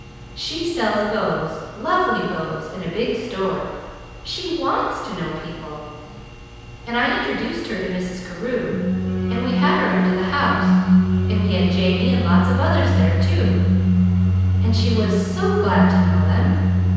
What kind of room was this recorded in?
A large and very echoey room.